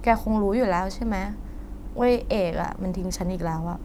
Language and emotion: Thai, frustrated